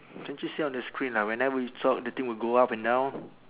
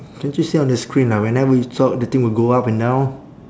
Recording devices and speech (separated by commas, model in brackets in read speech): telephone, standing microphone, conversation in separate rooms